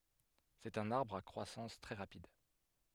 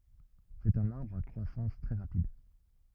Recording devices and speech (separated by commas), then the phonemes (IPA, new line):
headset microphone, rigid in-ear microphone, read sentence
sɛt œ̃n aʁbʁ a kʁwasɑ̃s tʁɛ ʁapid